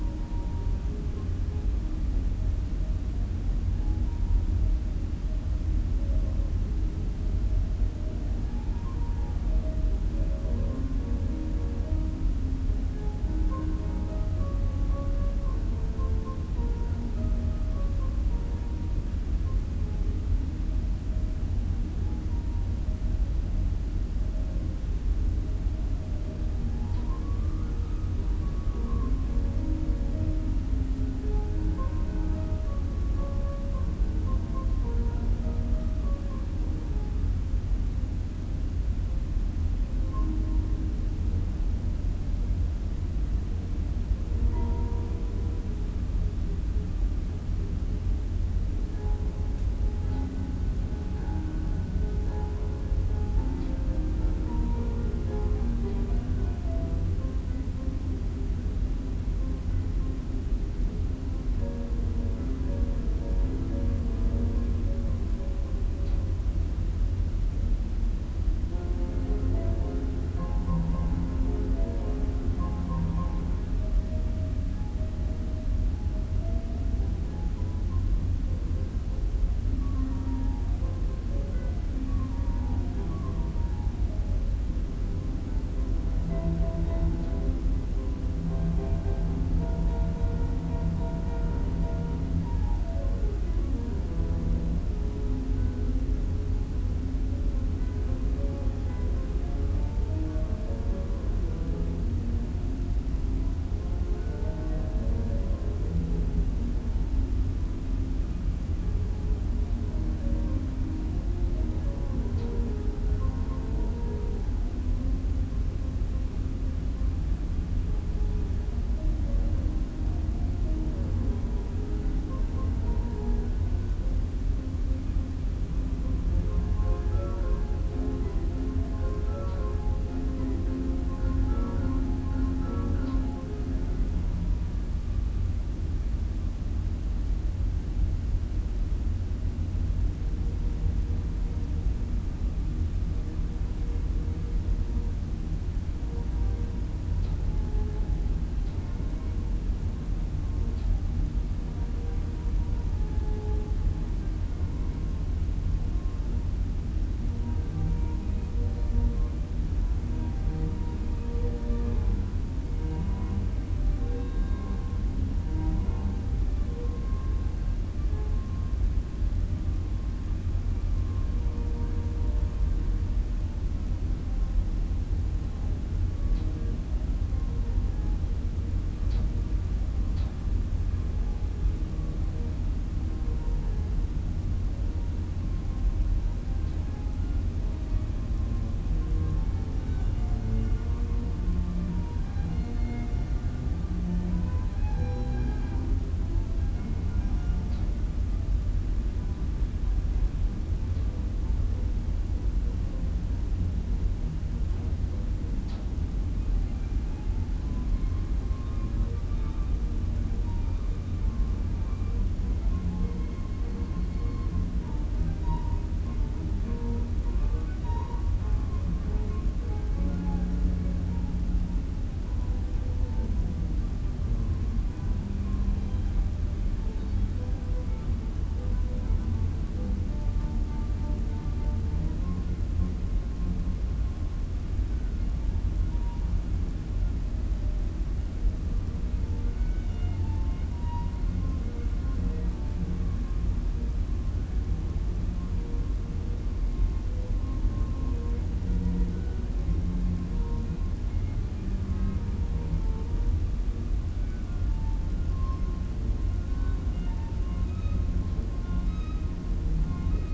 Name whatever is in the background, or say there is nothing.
Music.